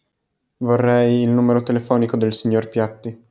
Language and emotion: Italian, neutral